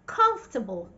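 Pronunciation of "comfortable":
'Comfortable' is pronounced correctly here, without every single letter in the word being sounded.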